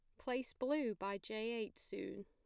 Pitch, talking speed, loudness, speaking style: 230 Hz, 175 wpm, -42 LUFS, plain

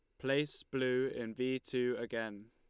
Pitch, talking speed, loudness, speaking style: 125 Hz, 155 wpm, -37 LUFS, Lombard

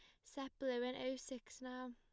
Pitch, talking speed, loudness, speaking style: 255 Hz, 210 wpm, -46 LUFS, plain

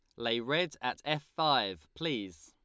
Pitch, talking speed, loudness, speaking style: 120 Hz, 160 wpm, -33 LUFS, Lombard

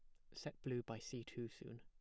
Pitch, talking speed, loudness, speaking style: 120 Hz, 245 wpm, -49 LUFS, plain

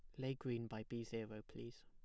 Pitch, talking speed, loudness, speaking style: 115 Hz, 220 wpm, -48 LUFS, plain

